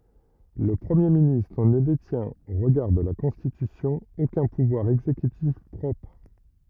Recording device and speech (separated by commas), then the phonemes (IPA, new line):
rigid in-ear microphone, read sentence
lə pʁəmje ministʁ nə detjɛ̃t o ʁəɡaʁ də la kɔ̃stitysjɔ̃ okœ̃ puvwaʁ ɛɡzekytif pʁɔpʁ